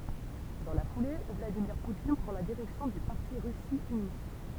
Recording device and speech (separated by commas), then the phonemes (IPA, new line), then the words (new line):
temple vibration pickup, read sentence
dɑ̃ la fule vladimiʁ putin pʁɑ̃ la diʁɛksjɔ̃ dy paʁti ʁysi yni
Dans la foulée, Vladimir Poutine prend la direction du parti Russie unie.